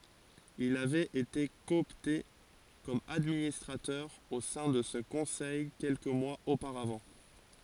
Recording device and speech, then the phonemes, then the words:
forehead accelerometer, read sentence
il avɛt ete kɔɔpte kɔm administʁatœʁ o sɛ̃ də sə kɔ̃sɛj kɛlkə mwaz opaʁavɑ̃
Il avait été coopté comme administrateur au sein de ce conseil quelques mois auparavant.

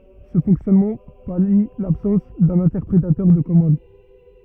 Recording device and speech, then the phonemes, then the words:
rigid in-ear microphone, read sentence
sə fɔ̃ksjɔnmɑ̃ pali labsɑ̃s dœ̃n ɛ̃tɛʁpʁetœʁ də kɔmɑ̃d
Ce fonctionnement pallie l'absence d'un interpréteur de commandes.

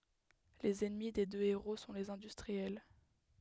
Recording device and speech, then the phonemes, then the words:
headset microphone, read sentence
lez ɛnmi de dø eʁo sɔ̃ lez ɛ̃dystʁiɛl
Les ennemis des deux héros sont les industriels.

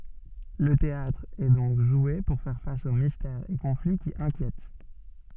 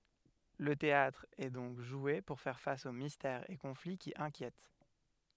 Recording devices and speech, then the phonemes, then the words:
soft in-ear microphone, headset microphone, read sentence
lə teatʁ ɛ dɔ̃k ʒwe puʁ fɛʁ fas o mistɛʁz e kɔ̃fli ki ɛ̃kjɛt
Le théâtre est donc joué pour faire face aux mystères et conflits qui inquiètent.

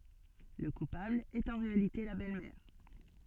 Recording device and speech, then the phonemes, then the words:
soft in-ear microphone, read sentence
lə kupabl ɛt ɑ̃ ʁealite la bɛlmɛʁ
Le coupable est en réalité la belle-mère.

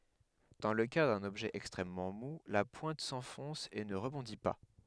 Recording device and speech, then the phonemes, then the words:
headset microphone, read sentence
dɑ̃ lə ka dœ̃n ɔbʒɛ ɛkstʁɛmmɑ̃ mu la pwɛ̃t sɑ̃fɔ̃s e nə ʁəbɔ̃di pa
Dans le cas d'un objet extrêmement mou, la pointe s'enfonce et ne rebondit pas.

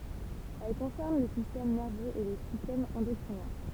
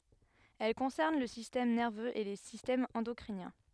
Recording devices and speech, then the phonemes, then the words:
temple vibration pickup, headset microphone, read sentence
ɛl kɔ̃sɛʁn lə sistɛm nɛʁvøz e le sistɛmz ɑ̃dɔkʁinjɛ̃
Elle concerne le système nerveux et les systèmes endocriniens.

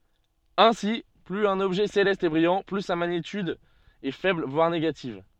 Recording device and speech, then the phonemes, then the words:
soft in-ear microphone, read sentence
ɛ̃si plyz œ̃n ɔbʒɛ selɛst ɛ bʁijɑ̃ ply sa maɲityd ɛ fɛbl vwaʁ neɡativ
Ainsi, plus un objet céleste est brillant, plus sa magnitude est faible voire négative.

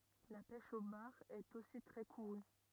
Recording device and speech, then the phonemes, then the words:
rigid in-ear microphone, read sentence
la pɛʃ o baʁ ɛt osi tʁɛ kuʁy
La pêche au bar est aussi très courue.

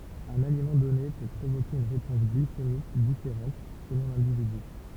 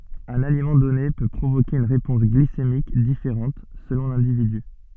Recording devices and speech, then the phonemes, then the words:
temple vibration pickup, soft in-ear microphone, read sentence
œ̃n alimɑ̃ dɔne pø pʁovoke yn ʁepɔ̃s ɡlisemik difeʁɑ̃t səlɔ̃ lɛ̃dividy
Un aliment donné peut provoquer une réponse glycémique différente selon l’individu.

